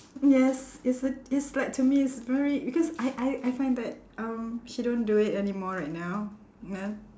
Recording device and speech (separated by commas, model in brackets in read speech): standing microphone, conversation in separate rooms